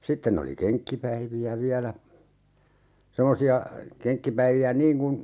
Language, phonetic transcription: Finnish, 'sitten ‿oli "keŋkkipäivi₍ä 'viälä , 'semosi₍a , 'keŋkkipäivi₍ä "niiŋ kun , .
- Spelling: sitten oli kenkkipäiviä vielä semmoisia kenkkipäiviä niin kuin

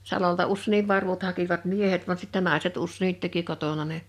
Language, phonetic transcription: Finnish, 'salolta 'ussèniv 'varvut hakivat "miehet van sittɛ 'nàeset 'ussènit teki 'kotona ne .
- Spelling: salolta useinkin varvut hakivat miehet vaan sitten naiset useinkin teki kotona ne

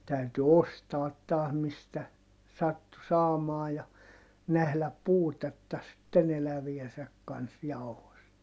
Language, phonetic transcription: Finnish, täyty ostaat taah mistä , sattu saamaa ja , nähläp puutetta sitten ‿eläviesäk kans jau̬host .
- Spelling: täytyi ostaa taas mistä sattui saamaan ja nähdä puutetta sitten eläviensä kanssa jauhoista

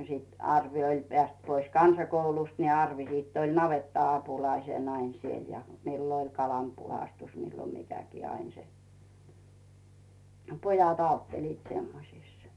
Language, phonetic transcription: Finnish, no sit 'Arvi oĺ peä̀st pois "kansakoulust ni 'Arvi siitt ‿oĺ "navetta₍apulaisen ‿ain siel , 'millo ‿oĺ 'kalam puhastus 'millo 'mikäkii 'ain se , "pojat ‿'autteliit 'semmosìs .
- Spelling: no sitten Arvi oli päässyt pois kansakoulusta niin Arvi sitten oli navetta-apulaisena aina siellä milloin oli kalan puhdistus milloin mikäkin aina se pojat auttelivat semmoisissa

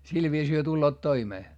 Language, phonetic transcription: Finnish, sil viisii hyö tulloot toimee .
- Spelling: sillä viisiin he tulevat toimeen

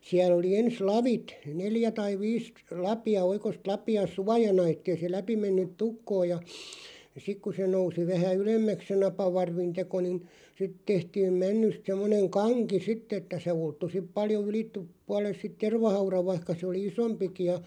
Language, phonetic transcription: Finnish, 'siä(l) ‿oli 'ens "lavit , "neljä tai "viis 'lapi₍a 'oikost "lapi₍a "suajana ettei se 'läpi mennyt "tukkoo ja , 'sik ku se 'nousi 'vähä "ylemmäks se 'napavarvin 'teko nin , sit 'tehtiim "männyst semmoneŋ "kaŋki 'sitt ‿että se 'ulttu sip 'paljo 'ylit(tup-) , 'puale(l)s sit "tervahaurav 'vaⁱhka se oli "isompiki ja .
- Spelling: siellä oli ensin lavit neljä tai viisi lapia oikoista lapia suojana että ei se läpi mennyt tukkoon ja sitten kun se nousi vähän ylemmäksi se napavarvin teko niin sitten tehtiin männystä semmoinen kanki sitten että se ulottui sitten paljon - puolelle sitten tervahaudan vaikka se oli isompikin ja

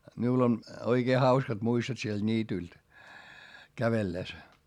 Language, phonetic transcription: Finnish, miul ‿on , oikee hauskat muistot sielD niitylt , kävelles .
- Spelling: minulla on oikein hauskat muistot sieltä niityltä kävellessä

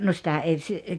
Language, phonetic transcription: Finnish, no sⁱtä ei si- ,.
- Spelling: no sitä ei -

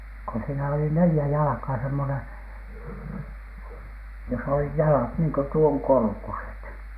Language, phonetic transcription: Finnish, ko siinä oli 'nelⁱjä 'jalᵃkaa 'semmoneN , jos ‿olih "jalat niiŋ ko 'tuoŋ korkuset .
- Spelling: kun siinä oli neljä jalkaa semmoinen jos olivat jalat niin kuin tuon korkuiset

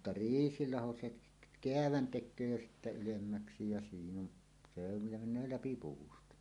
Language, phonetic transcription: Finnish, mutta "riisilaho se k- , "keävän 'tek̆köö jo ylemmäksi jä siin ‿on , se ‿on ja men̆nöö "läpi 'puusta .
- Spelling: mutta riisilaho se - käävän tekee jo ylemmäksi ja siinä on se on ja menee läpi puusta

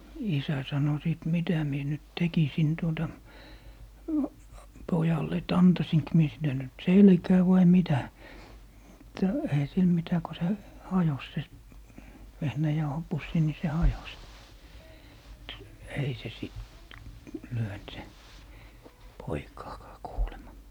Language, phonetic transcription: Finnish, 'isä sano 'sìt » 'mitä mie nyt 'tekisin tuota , 'pojalle et "antasink mie sille nyt "selkää vai 'mitä » , mutta eihä "sil 'mitä ko se , "hajos se , 'vehnäjauhopussi ni se 'hajos , mᵘt ei "se sìt , 'lyönt se , 'poikaakaa 'kuulema .
- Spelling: isä sanoi sitten mitä minä nyt tekisin tuota pojalle että antaisinko minä sille nyt selkään vai mitä mutta eihän sille mitä kun se hajosi se vehnäjauhopussi niin se hajosi mutta ei se sitten lyönyt se poikaakaan kuulemma

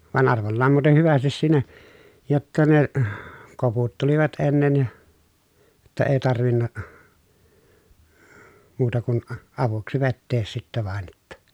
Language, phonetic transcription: Finnish, van arvollaam muuten hyvästis siinä , jotta ne , koputtelivat ennen ja , [jot]ta ee tarvinna , muuta kun , avuksi vettees sittɛ vàen ‿että .
- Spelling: vaan arvollaan muuten hyvästi siinä jotta ne koputtelivat ennen ja jotta ei tarvinnut muuta kuin avuksi vetää sitten vain että

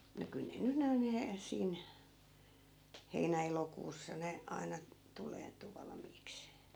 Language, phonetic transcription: Finnish, no 'kyl ne ny (noi he-) , 'siin , 'heinä 'elokuussa ne , 'aina , tuleentu 'valᵃmiiks .
- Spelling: no kyllä ne nyt nuo - siinä heinä elokuussa ne aina tuleentui valmiiksi

